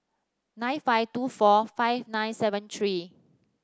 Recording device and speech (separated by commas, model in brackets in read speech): standing microphone (AKG C214), read sentence